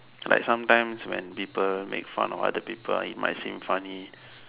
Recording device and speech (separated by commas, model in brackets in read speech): telephone, conversation in separate rooms